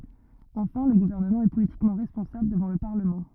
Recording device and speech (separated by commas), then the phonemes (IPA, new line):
rigid in-ear microphone, read sentence
ɑ̃fɛ̃ lə ɡuvɛʁnəmɑ̃ ɛ politikmɑ̃ ʁɛspɔ̃sabl dəvɑ̃ lə paʁləmɑ̃